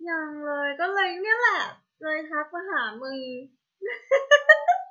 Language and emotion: Thai, happy